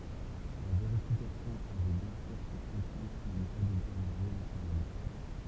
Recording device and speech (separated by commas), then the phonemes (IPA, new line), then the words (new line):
temple vibration pickup, read sentence
la veʁifikasjɔ̃ avɛ bjɛ̃ syʁ puʁ kɔ̃tʁɛ̃t də nə pa deteʁjoʁe la kuʁɔn
La vérification avait bien sûr pour contrainte de ne pas détériorer la couronne.